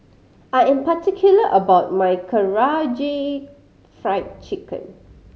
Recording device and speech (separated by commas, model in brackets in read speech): mobile phone (Samsung C5010), read sentence